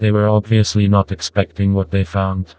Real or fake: fake